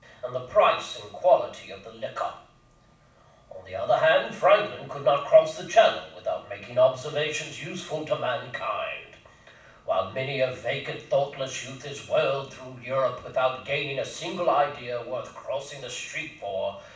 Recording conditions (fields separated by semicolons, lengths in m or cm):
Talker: one person; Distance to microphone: 5.8 m; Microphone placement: far; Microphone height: 1.8 m; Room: medium-sized (5.7 m by 4.0 m); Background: none